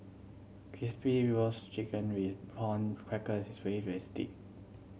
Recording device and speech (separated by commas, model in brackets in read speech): mobile phone (Samsung C7100), read sentence